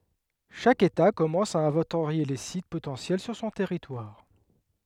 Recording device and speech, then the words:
headset microphone, read sentence
Chaque État commence à inventorier les sites potentiels sur son territoire.

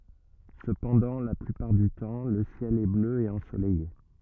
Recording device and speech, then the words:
rigid in-ear microphone, read sentence
Cependant, la plupart du temps, le ciel est bleu et ensoleillé.

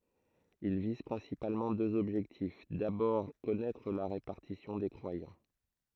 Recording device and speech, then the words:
throat microphone, read sentence
Ils visent principalement deux objectifs: d'abord, connaître la répartition des croyants.

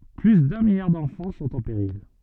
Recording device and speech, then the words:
soft in-ear microphone, read sentence
Plus d’un milliard d’enfants sont en péril.

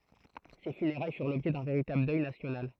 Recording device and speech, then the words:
throat microphone, read sentence
Ses funérailles furent l’objet d’un véritable deuil national.

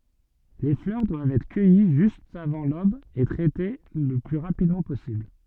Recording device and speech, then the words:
soft in-ear microphone, read sentence
Les fleurs doivent être cueillies juste avant l'aube et traitées le plus rapidement possible.

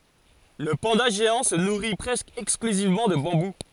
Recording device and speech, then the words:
forehead accelerometer, read sentence
Le panda géant se nourrit presque exclusivement de bambou.

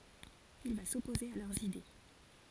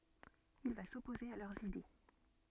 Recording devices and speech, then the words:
forehead accelerometer, soft in-ear microphone, read sentence
Il va s'opposer à leurs idées.

